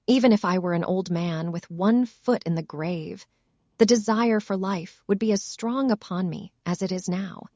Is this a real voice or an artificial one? artificial